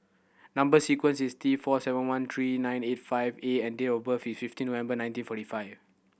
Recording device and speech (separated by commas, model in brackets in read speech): boundary microphone (BM630), read sentence